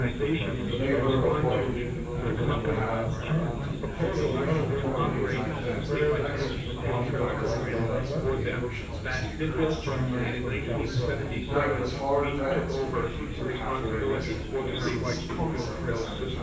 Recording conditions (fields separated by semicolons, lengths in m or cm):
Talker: one person; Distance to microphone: 9.8 m; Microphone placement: far; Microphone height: 1.8 m; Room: large; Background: babble